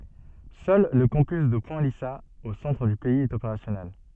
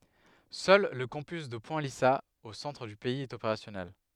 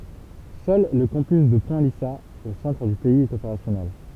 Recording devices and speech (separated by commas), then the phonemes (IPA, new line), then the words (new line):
soft in-ear microphone, headset microphone, temple vibration pickup, read sentence
sœl lə kɑ̃pys də pwɛ̃ lizaz o sɑ̃tʁ dy pɛiz ɛt opeʁasjɔnɛl
Seul le campus de Point Lisas, au centre du pays, est opérationnel.